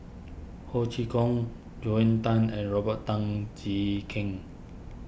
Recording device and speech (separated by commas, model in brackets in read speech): boundary microphone (BM630), read sentence